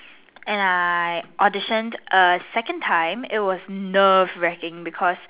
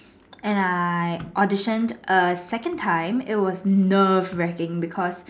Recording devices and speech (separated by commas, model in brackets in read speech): telephone, standing microphone, conversation in separate rooms